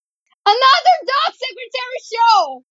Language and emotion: English, sad